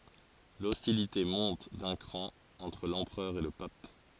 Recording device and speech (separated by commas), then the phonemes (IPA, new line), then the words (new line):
forehead accelerometer, read sentence
lɔstilite mɔ̃t dœ̃ kʁɑ̃ ɑ̃tʁ lɑ̃pʁœʁ e lə pap
L'hostilité monte d'un cran entre l'empereur et le pape.